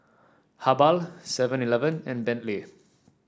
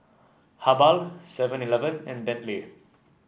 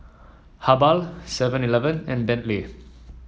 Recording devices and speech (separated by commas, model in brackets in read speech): standing microphone (AKG C214), boundary microphone (BM630), mobile phone (iPhone 7), read sentence